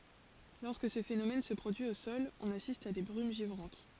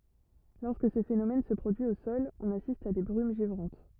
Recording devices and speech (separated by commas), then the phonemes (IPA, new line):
forehead accelerometer, rigid in-ear microphone, read sentence
lɔʁskə sə fenomɛn sə pʁodyi o sɔl ɔ̃n asist a de bʁym ʒivʁɑ̃t